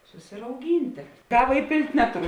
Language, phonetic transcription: Lithuanian, susirauˈgyntė ˈkava iˈpėlt' ˈnetuˌru

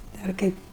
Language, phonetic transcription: Lithuanian, ˈdar ˈkaip

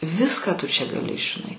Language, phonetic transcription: Lithuanian, ˈviską tu čia gaˈli žiˈnai

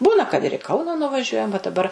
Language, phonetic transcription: Lithuanian, ˈbūna kad ir i ˈkauna nuvaˈžiuojam va daˈbar

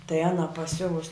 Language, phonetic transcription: Lithuanian, tai ˈana paˈsiuvus

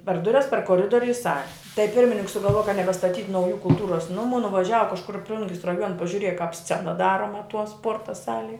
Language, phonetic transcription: Lithuanian, per ˈdurias per koˈridoriu i ˈsali tai ˈpirmininks sugalˈvuoja ka nebestaˈtyt' ˈnaujų kulˈtūros nuˈmų nuvaˈžiava kažˈkur i ˈplungis raˈjuona pažiuˈrieja kāp ˈscena ˈdaroma tuo ˈspuorta ˈsalie

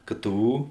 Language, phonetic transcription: Lithuanian, ˈkɘ ˈtɘ ˈū

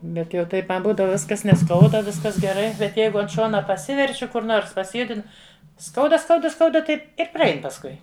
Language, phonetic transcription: Lithuanian, ˈbet jau ˈtaip ma ˈbūdava ˈviskas neˈskauda ˈviskas geˈrai bet ˈjeigu ant ˈšona paˈsiverčiu ˈkur ˈnors pasiˈjudinu ˈskauda ˈskauda ˈskauda ˈtaip ir praˈein pasˈkui

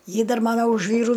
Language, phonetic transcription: Lithuanian, ˈji ˈdar ˈmana už ˈvyru

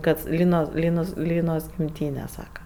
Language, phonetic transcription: Lithuanian, kad ˈlynos ˈlynos ˈlynos gimˈtyne ˈsaka

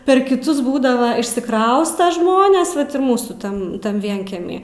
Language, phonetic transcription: Lithuanian, per kiˈtus ˈbūdava išsiˈkrausta ˈžmonės ˈvat ir ˈmūsų ˈtan tan ˈvienkiemy

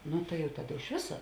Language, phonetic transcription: Lithuanian, ˈnu tai jau ˈtaˌda iš ˈvisa

